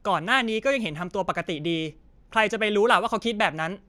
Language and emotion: Thai, frustrated